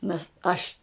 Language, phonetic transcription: Lithuanian, nes ˈaš

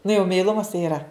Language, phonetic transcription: Lithuanian, nu jau meiˈlumas tai iˈra

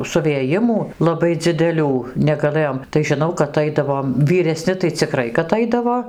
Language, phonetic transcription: Lithuanian, suvėˈjimų laˈbai dzideˈlių negaˈlɘjom tai žiˈnau kad ˈaidavom vyreˈsni tai ciˈkrai kad ˈaidavo

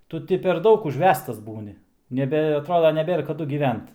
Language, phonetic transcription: Lithuanian, ˈtu ti per ˈdaug užˈvestas ˈbūni neˈbe aˈtroda neˈbėr kaˈdu gyˈvent

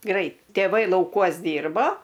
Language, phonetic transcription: Lithuanian, ˈgrait tėˈvai lauˈkuos ˈdyrbo

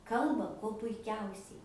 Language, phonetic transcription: Lithuanian, ˈkalba kuo puiˈkiausiai

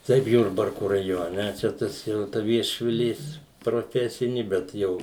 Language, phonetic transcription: Lithuanian, ˈtaip ˈjurbarku raˈjone ˈčia ˈtas jau ta viešviˈlės proˈfesini ˈbet ˈjau

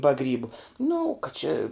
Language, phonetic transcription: Lithuanian, ba ˈgrybu nu ka či

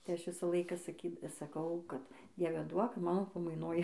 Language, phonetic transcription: Lithuanian, tai ˈaš ˈvisą ˈlaiką saˈky saˈkau ˈkad ˈdieve ˈduok ˈmano pamaiˈnoj

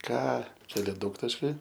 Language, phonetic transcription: Lithuanian, ˈką ˈčia aˈle ˈdaugtaškiai

